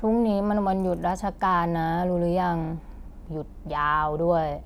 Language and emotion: Thai, frustrated